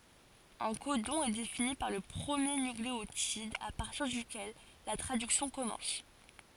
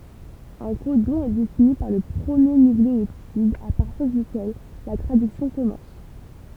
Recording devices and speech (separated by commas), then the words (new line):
forehead accelerometer, temple vibration pickup, read sentence
Un codon est défini par le premier nucléotide à partir duquel la traduction commence.